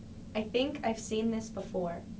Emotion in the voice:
neutral